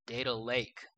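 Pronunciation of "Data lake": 'Data lake' is pronounced with an American accent.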